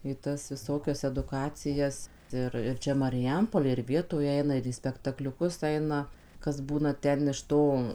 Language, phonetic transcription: Lithuanian, į ˈtas viˈsokias eduˈkacijas ˈir ir ˈčia mariˈjampolėj ir ˈvietoj ˈeina ir į spektakliuˈkus ˈaina kas ˈbūna ˈten iš ˈto

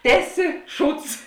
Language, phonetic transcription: Lithuanian, ˈteˌsi ˈšūds

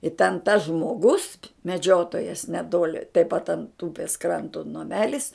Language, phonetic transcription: Lithuanian, i ten tas žmoˈgus meˈdžiotojas neˈtoli taip pat ant ˈūpės ˈkranto naˈmelis

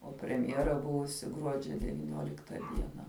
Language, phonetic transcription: Lithuanian, o premˈjera ˈbuvusi ˈgruodžia devyˈniolikta ˈdiena

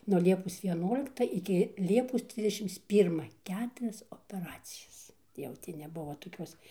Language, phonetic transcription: Lithuanian, nuo ˈliepos vieˈnuolikta iki ˈliepos ˈtrisdešims ˈpyrma ˈketurias opeˈracijas jau ˈti neˈbuvo toˈkiuos

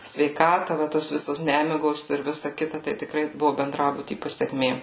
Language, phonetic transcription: Lithuanian, sveiˈkata va tos ˈvisos ˈnemigos ir ˈvisa ˈkita tai tikˈrai ˈbuvu benˈdrabuty paseˈkmė

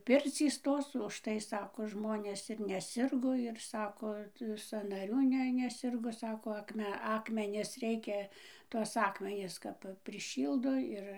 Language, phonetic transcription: Lithuanian, ˈpircys ˈtos užˈtai ˈsako ˈžmonės ir neˈsirgo ir ˈsako sanaˈrių ˈne neˈsirgo ˈsako akˈme ˈakmenis ˈreikia tuos ˈakmenis kap priˈšyldo ˈir

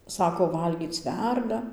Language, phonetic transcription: Lithuanian, ˈsako ˈvalgyc ˈverda

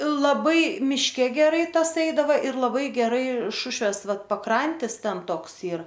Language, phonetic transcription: Lithuanian, laˈbai mišˈke geˈrai ˈtas ˈeidava ir laˈbai geˈrai ˈšušvės ˈvat paˈkrantis ˈten ˈtoks ˈyr

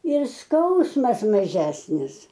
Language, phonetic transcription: Lithuanian, ir ˈskausmas maˈžesnis

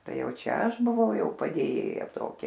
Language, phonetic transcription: Lithuanian, ˈtai ˈjau ˈčia ˈaš buˈvau ˈjau padėˈjėja ˈtokia

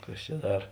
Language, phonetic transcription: Lithuanian, ˈkas čia ˈdar

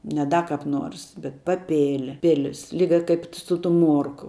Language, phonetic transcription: Lithuanian, ne ˈda kap ˈnuors bet paˈpėl' ˈpilis ˈlyga ˈkaip su tum ˈmuorku

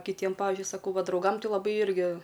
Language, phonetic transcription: Lithuanian, kiˈtiem ˈpavizdžiui saˈkau ˈva drauˈgam ˈti laˈbai ˈirgi

